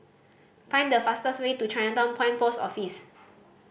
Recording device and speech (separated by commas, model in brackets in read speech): boundary microphone (BM630), read sentence